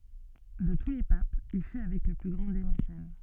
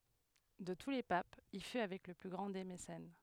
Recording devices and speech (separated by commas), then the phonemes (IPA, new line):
soft in-ear microphone, headset microphone, read sentence
də tu le papz il fy avɛk lə ply ɡʁɑ̃ de mesɛn